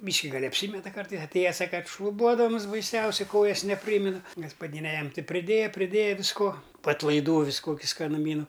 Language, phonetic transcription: Lithuanian, ˈbyški gal' apˈsymeta ˈkartais atˈėja ˈsaka ˈkad šluˈbuodams baiˈsiausiai ˈkojas neˈprymina gaspaˈdyne ˈjam ˈti priˈdėja priˈdėja visˈko po atlaiˈdų ˈvis ˈkoki skanuˈmynu

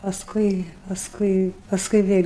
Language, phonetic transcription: Lithuanian, pasˈkui pasˈkui pasˈkui ˈvėl'

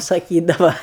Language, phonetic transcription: Lithuanian, saˈkydava

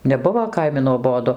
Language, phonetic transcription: Lithuanian, neˈbuvo ˈkaimi nuoˈbodu

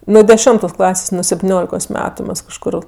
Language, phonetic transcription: Lithuanian, ˈnu deˈšimtos ˈklasės nu septiˈniolikos ˈmetu ˈmas kažˈkur

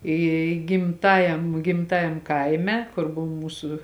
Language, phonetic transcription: Lithuanian, ˈy gimˈtajam gimˈtajam ˈkaime ˈkur ˈbova ˈmūsu

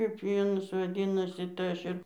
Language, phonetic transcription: Lithuanian, kaip jau ˈanos vaˈdynasi tai ˈaš ir

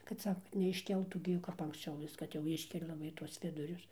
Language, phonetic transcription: Lithuanian, kad ˈsaka kad neišˈkeltų ˈgi jau kap anksˈčiau ˈvis kad jau ˈiškelia laˈbai tuos ˈvidurius

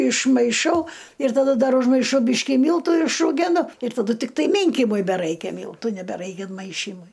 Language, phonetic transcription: Lithuanian, išmaiˈšau ir taˈda ˈdar užmaiˈšau ˈbyški ˈmyltu išrūˈgenu ir taˈdu tikˈtai ˈmynkimui beˈraikia ˈmyltų nebeˈraikia inˈmaišymui

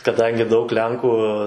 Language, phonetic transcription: Lithuanian, kaˈdangi daug ˈlenkų

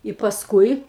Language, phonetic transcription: Lithuanian, i pasˈkui

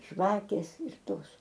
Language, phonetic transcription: Lithuanian, ˈžvakės ir ˈtos

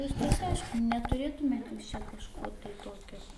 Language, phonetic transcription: Lithuanian, ˈviskas ˈaišku netuˈrėtumėt jūs čia kažˈko tai ˈtokio

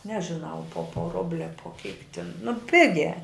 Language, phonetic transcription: Lithuanian, nežiˈnau po po ˈrubli a po kyk tin nu ˈpigiā

